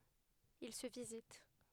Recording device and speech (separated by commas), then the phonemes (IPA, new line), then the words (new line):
headset microphone, read sentence
il sə vizit
Il se visite.